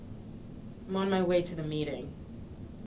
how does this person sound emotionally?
disgusted